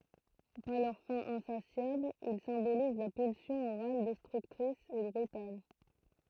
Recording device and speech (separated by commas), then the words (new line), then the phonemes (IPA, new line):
throat microphone, read sentence
Par leur faim insatiable, ils symbolisent la pulsion orale destructrice et brutale.
paʁ lœʁ fɛ̃ ɛ̃sasjabl il sɛ̃boliz la pylsjɔ̃ oʁal dɛstʁyktʁis e bʁytal